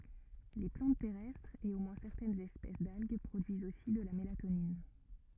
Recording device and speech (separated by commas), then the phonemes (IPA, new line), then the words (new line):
rigid in-ear microphone, read sentence
le plɑ̃t tɛʁɛstʁz e o mwɛ̃ sɛʁtɛnz ɛspɛs dalɡ pʁodyizt osi də la melatonin
Les plantes terrestres et au moins certaines espèces d'algues produisent aussi de la mélatonine.